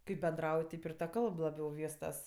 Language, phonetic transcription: Lithuanian, kaip benˈdrauj ˈteip ir ta ˈkalb laˈbiau ˈvystas

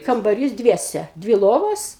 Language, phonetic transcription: Lithuanian, kambaˈrys ˈdviese ˈdvi ˈlovos

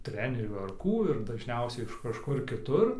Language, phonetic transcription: Lithuanian, ˈtrenerių ar ˈkų ir dažˈniausiai iš kažˈkur kiˈtur

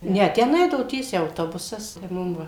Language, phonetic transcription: Lithuanian, ˈne ˈten ˈeidavo ˈtiesiai auˈtobusas tai ˈmum ˈva

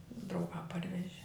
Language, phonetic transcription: Lithuanian, drauˈgā ˈparveži

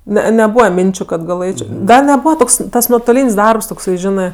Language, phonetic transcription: Lithuanian, ne neˈbūva ˈminčiu kad gaˈlɘčio ˈgal neˈbūva ˈtoks tas nuotoˈlyn's' ˈdarbs tokˈsai ˈžinɜ

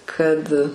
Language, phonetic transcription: Lithuanian, ˈkad

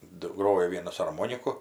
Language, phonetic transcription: Lithuanian, ˈdu ˈgrojo ˈvienas arˈmoniku

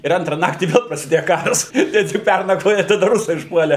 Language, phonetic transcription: Lithuanian, ir ˈantra ˈnaktį ˈvel prasiˈdėja ˈkaras ir tik ˈpærnakvoja i taˈda ˈrusai užˈpuolė

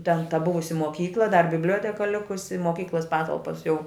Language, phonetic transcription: Lithuanian, ten ta ˈbuvusi moˈkykla dar bibˈlioteka ˈlikusi moˈkyklas ˈpatalpas jau

